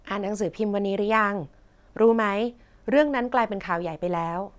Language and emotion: Thai, neutral